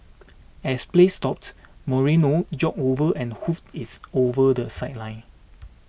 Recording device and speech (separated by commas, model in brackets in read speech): boundary microphone (BM630), read sentence